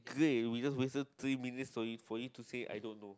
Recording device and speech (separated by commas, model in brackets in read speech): close-talking microphone, conversation in the same room